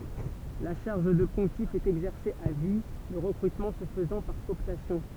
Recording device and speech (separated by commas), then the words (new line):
temple vibration pickup, read sentence
La charge de pontife est exercée à vie, le recrutement se faisant par cooptation.